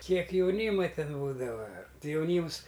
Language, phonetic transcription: Lithuanian, ˈkiek jauˈnyma ˈten ˈbūdava ˈtɨ jauˈnyms

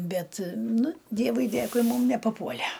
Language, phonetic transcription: Lithuanian, ˈbet ˈnu ˈdievui ˈdėkui ˈmūm nepaˈpuole

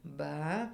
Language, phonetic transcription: Lithuanian, ˈba

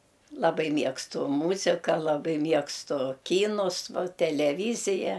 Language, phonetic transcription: Lithuanian, laˈbai ˈmiegstu ˈmūzika laˈbai ˈmiegstu ˈkynus ˈva teleˈvyzija

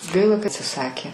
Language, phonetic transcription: Lithuanian, ˈgaila ka atsiˈsakė

